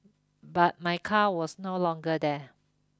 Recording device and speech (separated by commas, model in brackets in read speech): close-talking microphone (WH20), read sentence